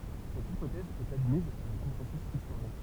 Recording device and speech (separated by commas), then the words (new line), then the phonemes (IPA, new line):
temple vibration pickup, read sentence
Cette hypothèse est admise par le consensus historien.
sɛt ipotɛz ɛt admiz paʁ lə kɔ̃sɑ̃sy istoʁjɛ̃